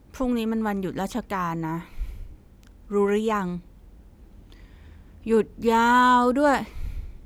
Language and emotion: Thai, frustrated